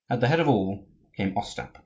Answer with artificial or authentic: authentic